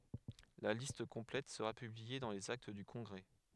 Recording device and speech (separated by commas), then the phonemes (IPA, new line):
headset microphone, read sentence
la list kɔ̃plɛt səʁa pyblie dɑ̃ lez akt dy kɔ̃ɡʁɛ